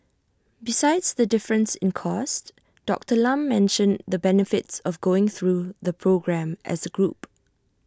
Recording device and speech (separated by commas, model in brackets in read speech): standing microphone (AKG C214), read sentence